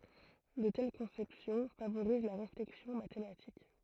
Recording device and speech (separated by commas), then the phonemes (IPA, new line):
throat microphone, read sentence
də tɛl kɔ̃sɛpsjɔ̃ favoʁiz la ʁeflɛksjɔ̃ matematik